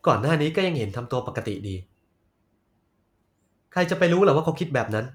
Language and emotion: Thai, frustrated